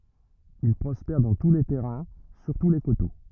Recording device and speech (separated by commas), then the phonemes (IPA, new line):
rigid in-ear microphone, read sentence
il pʁɔspɛʁ dɑ̃ tu le tɛʁɛ̃ syʁtu le koto